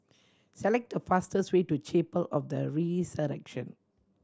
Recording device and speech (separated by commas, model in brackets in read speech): standing microphone (AKG C214), read sentence